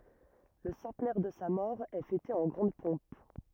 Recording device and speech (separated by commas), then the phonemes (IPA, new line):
rigid in-ear microphone, read sentence
lə sɑ̃tnɛʁ də sa mɔʁ ɛ fɛte ɑ̃ ɡʁɑ̃d pɔ̃p